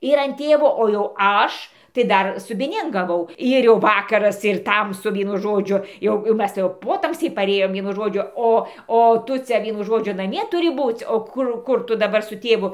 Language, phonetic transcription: Lithuanian, ir an ˈtėvo o jau ˈaš tai ˈdar subiˈnėn gaˈvau ˈir jau ˈvakaras ir ˈtamsu ˈvienu ˈžodžiu ˈjau jau ˈmes tai jau ˈpotamsiai paˈrėjom ˈvienu ˈžodžiu ˈo o ˈtu cia ˈvienu ˈžodžiu naˈmie tuˈri ˈbūc' o ˈkur ˈkur tu daˈbar su tėˈvu

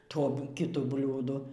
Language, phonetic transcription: Lithuanian, ˈto kiˈtu ˈbliūdu

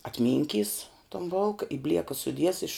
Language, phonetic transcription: Lithuanian, atˈminˌkys ton ˈbolka i ˈblieka suˈdies iš

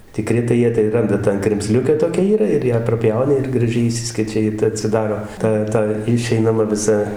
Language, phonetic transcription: Lithuanian, tiˈkri tai ˈjie tai ˈranda ˈtą kremˈzliukę ˈtokia ˈyra ir ˈją praˈpjauni ir graˈžiai iˈšsiskečia ˈji tai atsiˈdaro ˈta ˈta iˈšeinama viˈsa

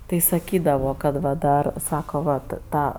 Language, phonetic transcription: Lithuanian, tai saˈkydavo kad ˈva ˈdar ˈsako vat ˈtą

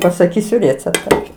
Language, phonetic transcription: Lithuanian, pasaˈkysiu ˈrėcepta

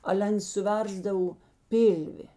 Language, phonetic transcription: Lithuanian, ˈale ˈans suˈversdav ˈpilvi

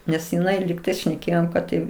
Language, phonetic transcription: Lithuanian, nes jiˈnai ligˈtais šneˈkėjom ˈkad tai

